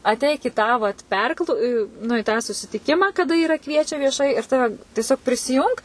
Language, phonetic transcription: Lithuanian, atˈeik i tą vat perkl nu į tą susitiˈkimą kaˈda ˈyra ˈkviečia vieˈšai ir ˈtave tieˈsiog prisiˈjunk

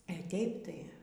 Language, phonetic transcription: Lithuanian, a ˈtėip tai

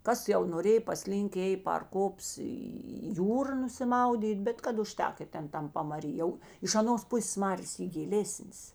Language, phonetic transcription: Lithuanian, ˈkas jau noˈrėj paˈslynk ˈėj par ˈkops į į ˈjūra nusiˈmaudyt ˈbet kad uˈžtek i ˈten ˈtam pamaˈry jau iš aˈnos ˈpusės ˈmarės ˈy giˈlėsnės

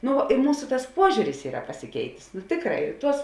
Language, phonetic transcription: Lithuanian, ˈnu i ˈmūsu tas ˈpuožiūris ˈyra pasiˈkeitės nu ˈtėkˌrā ir ˈtuos

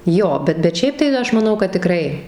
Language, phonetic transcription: Lithuanian, ˈjo ˈbet bet ˈšiaip tai ˈaš maˈnau kad tiˈkrai

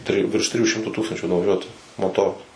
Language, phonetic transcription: Lithuanian, ˈtrijų virš ˈtrijų ˈšimtų ˈtūkstančių nuvaˈžiuotu moˈtoru

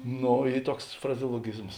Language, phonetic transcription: Lithuanian, ˈno ˈy ˈtuoks frazeoloˈgizmos

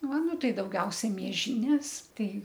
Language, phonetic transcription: Lithuanian, ˈva ˈnu ˈtai dauˈgiausia mieˈžynės ˈtai

